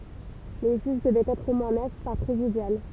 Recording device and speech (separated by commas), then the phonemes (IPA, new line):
temple vibration pickup, read sentence
le ʒyʒ dəvɛt ɛtʁ o mwɛ̃ nœf paʁ pʁezidjal